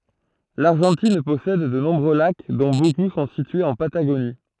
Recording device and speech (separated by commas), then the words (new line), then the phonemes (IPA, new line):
throat microphone, read sentence
L'Argentine possède de nombreux lacs, dont beaucoup sont situés en Patagonie.
laʁʒɑ̃tin pɔsɛd də nɔ̃bʁø lak dɔ̃ boku sɔ̃ sityez ɑ̃ pataɡoni